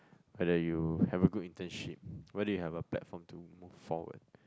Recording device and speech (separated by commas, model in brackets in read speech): close-talking microphone, conversation in the same room